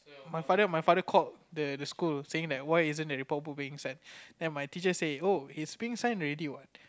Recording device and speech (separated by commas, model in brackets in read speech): close-talking microphone, conversation in the same room